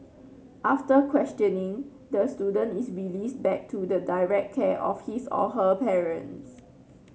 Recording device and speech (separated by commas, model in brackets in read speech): mobile phone (Samsung C9), read sentence